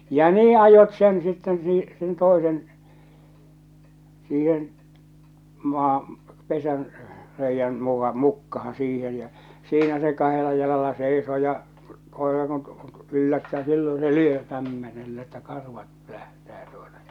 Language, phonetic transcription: Finnish, ja "nii ajot sen sitten sii- sen 'tòesen , 'siihen , 'maa , 'pesän , 'reijjän muka- 'mukkahaa̰ siihen̬ jä , 'siinä se 'kahela jalala seisoo ja , 'kòera kun t- , 'yllättää 'silloo̰ se "lyö kämmenellä että 'karvat 'pᵒ̈lähtää tuota ᴊᴀ .
- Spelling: ja niin ajoivat sen sitten - sen toisen siihen maa pesän reiän - mukaan siihen ja siinä se kahdella jalalla seisoo ja koira kun - yllättää silloin se lyö kämmenellä että karvat pölähtää tuota ja

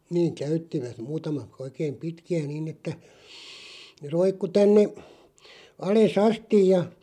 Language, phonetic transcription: Finnish, niiŋ "käyttivät , 'muutama(t) , 'oikeem "pitki₍ä 'nin ‿että , ne 'roikku 'tänne , 'ale"s ‿astij ja ,.
- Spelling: niin käyttivät muutamat oikein pitkiä niin että ne roikkui tänne alas asti ja

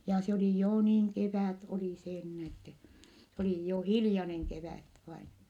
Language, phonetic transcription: Finnish, ja se oli joo niiŋ kevä̀t oli see nin ettɛ , se oli jo , hilⁱjaneŋ kevä̀t , vain .
- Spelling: ja se oli jo niin kevät oli se niin että se oli jo hiljainen kevät vain

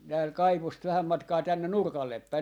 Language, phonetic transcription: Finnish, tääl "kaivost 'vähäm matkaa 'tännen "nurkallep päi .
- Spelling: täällä kaivosta vähän matkaa tänne nurkalle päin

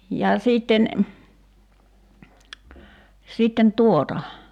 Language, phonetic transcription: Finnish, ja 'siitten , 'sitten "tuota .
- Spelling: ja sitten sitten tuota

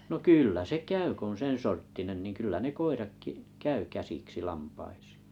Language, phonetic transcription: Finnish, no "kỳllä se 'käy k ‿on̬ 'sensorttinen niŋ kyllä 'ne 'koirakki’ , 'käy 'käsiksi 'lampaisɪɪ .
- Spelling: no kyllä se käy kun on sen sorttinen niin kyllä ne koiratkin käy käsiksi lampaisiin

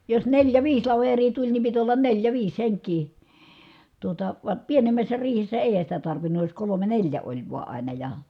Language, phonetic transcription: Finnish, jos neljä viis laver̀ii tuĺ ni pit ollan neljä viis heŋk̀ii , tuota , va , pienemmässä riihessä èi̮hän̬ sitä tarvinnuj jos kolome neĺjä oĺ vua àina ja .
- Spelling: jos neljä viisi laveria tuli niin piti olla neljä viisi henkeä tuota vaan pienemmässä riihessä eihän sitä tarvinnut jos kolme neljä oli vain aina ja

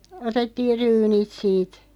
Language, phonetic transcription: Finnish, 'otettiiʳ 'ryynit siit .
- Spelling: otettiin ryynit siitä

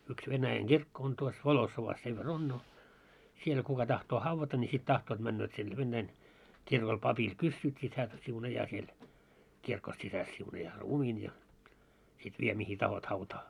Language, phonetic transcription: Finnish, yks venäjäŋ "ɢirkko on tuos "Volossovas sev ver 'on no , 'siel kuka tahtoo 'havvata ńi sit 'tahtoot 'männööt sinne 'vennäin , 'kirkol 'papil "kyssyyt sit hää , 'siunajaa siel , 'kirko sisäs siunajaa "ruumiin ja , sit 'vie mihi "tahot 'hautaa .
- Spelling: yksi Venäjän kirkko on tuossa Volossovassa sen verran on no siellä kuka tahtoo haudata niin sitten tahtovat menevät sinne venäjän kirkolle papilta kysyvät sitten hän siunaa siellä kirkon sisässä siunaa ruumiin ja sitten vie mihin tahdot hautaan

